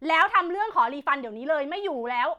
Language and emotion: Thai, angry